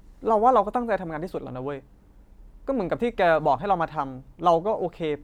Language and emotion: Thai, frustrated